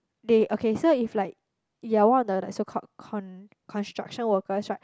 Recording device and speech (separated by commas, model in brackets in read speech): close-talking microphone, conversation in the same room